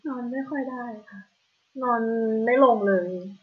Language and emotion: Thai, frustrated